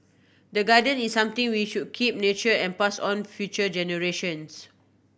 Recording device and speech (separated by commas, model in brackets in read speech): boundary microphone (BM630), read sentence